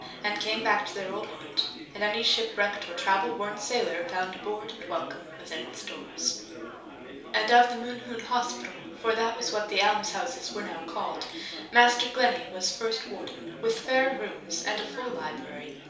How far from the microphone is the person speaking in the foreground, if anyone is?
3.0 m.